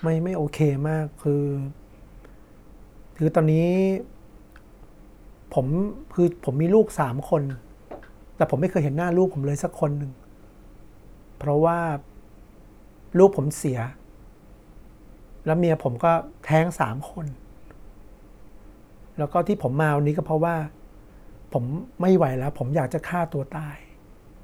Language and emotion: Thai, sad